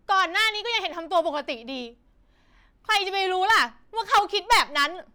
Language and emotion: Thai, angry